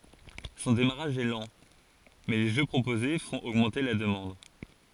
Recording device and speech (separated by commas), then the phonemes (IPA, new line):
forehead accelerometer, read sentence
sɔ̃ demaʁaʒ ɛ lɑ̃ mɛ le ʒø pʁopoze fɔ̃t oɡmɑ̃te la dəmɑ̃d